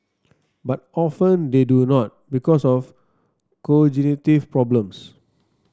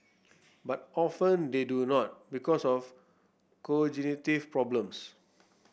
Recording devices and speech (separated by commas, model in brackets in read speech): standing microphone (AKG C214), boundary microphone (BM630), read sentence